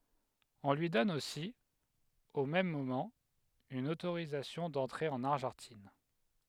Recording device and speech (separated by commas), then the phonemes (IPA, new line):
headset microphone, read sentence
ɔ̃ lyi dɔn osi o mɛm momɑ̃ yn otoʁizasjɔ̃ dɑ̃tʁe ɑ̃n aʁʒɑ̃tin